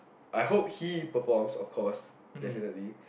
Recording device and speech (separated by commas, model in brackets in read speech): boundary microphone, conversation in the same room